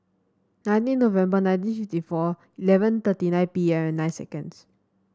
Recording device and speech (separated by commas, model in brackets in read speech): standing microphone (AKG C214), read sentence